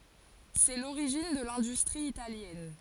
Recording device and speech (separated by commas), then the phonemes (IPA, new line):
forehead accelerometer, read sentence
sɛ loʁiʒin də lɛ̃dystʁi italjɛn